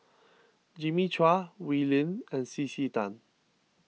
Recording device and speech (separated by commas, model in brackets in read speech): mobile phone (iPhone 6), read sentence